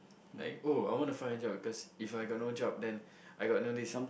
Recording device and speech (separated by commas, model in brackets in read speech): boundary microphone, conversation in the same room